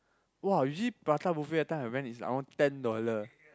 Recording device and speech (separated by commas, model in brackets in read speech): close-talking microphone, conversation in the same room